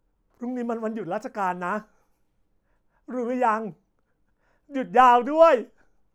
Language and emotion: Thai, happy